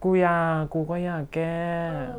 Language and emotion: Thai, frustrated